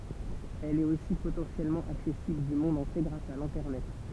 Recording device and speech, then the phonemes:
temple vibration pickup, read sentence
ɛl ɛt osi potɑ̃sjɛlmɑ̃ aksɛsibl dy mɔ̃d ɑ̃tje ɡʁas a lɛ̃tɛʁnɛt

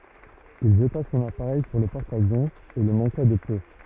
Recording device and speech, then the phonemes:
rigid in-ear microphone, read sentence
il ʒəta sɔ̃n apaʁɛj syʁ lə pɔʁt avjɔ̃ e lə mɑ̃ka də pø

